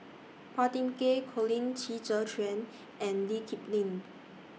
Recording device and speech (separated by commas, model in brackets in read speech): mobile phone (iPhone 6), read sentence